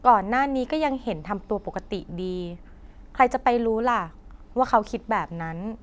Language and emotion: Thai, neutral